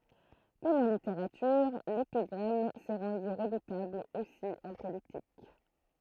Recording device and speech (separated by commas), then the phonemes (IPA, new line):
throat microphone, read sentence
kɔm ɑ̃ liteʁatyʁ lepiɡʁam sɛ ʁɑ̃dy ʁədutabl osi ɑ̃ politik